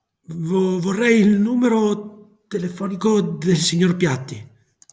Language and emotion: Italian, fearful